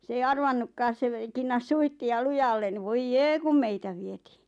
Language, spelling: Finnish, se ei arvannutkaan se - kinnasi suitsia lujalle niin voi jee kun meitä vietiin
- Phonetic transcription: s ‿ei "arvannukkaas se ve- , 'kinnas "suihti₍a "lujallen ni 'voij "jee kum "meitä 'vietii .

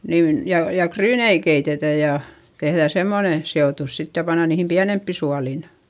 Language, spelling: Finnish, niin ja ja ryynejä keitetään ja tehdään semmoinen seotus sitten ja pannaan niihin pienempiin suoliin
- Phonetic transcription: niin , ja , ja kryynei keitetä ja , tehδä̀ semmone , se₍òtus sit ja panna niihim piänemppi sualìn .

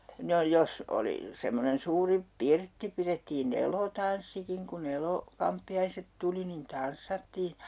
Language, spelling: Finnish, no jos oli semmoinen suuri pirtti pidettiin elotanssikin kun - kamppiaiset tuli niin tanssattiin
- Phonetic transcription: no 'jos oli , semmonen 'suuri , "pirtti pirettii"n ‿elotanssikiŋ ku'n ‿elo- , 'kamppi₍aiset tuli nin 'tanssattii .

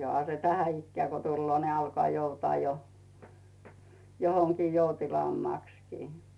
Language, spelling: Finnish, johan se tätä ikää kun tulee niin alkaa joutaa jo johonkin joutilaammaksikin
- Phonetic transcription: 'joha se "tänä 'ikkᵉä̀ ko tulloo ni alkᵒà 'joutᵒà jo , 'johoŋkii 'joutilaammàkskii .

